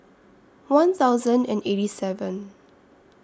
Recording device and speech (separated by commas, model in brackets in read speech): standing microphone (AKG C214), read sentence